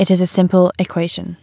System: none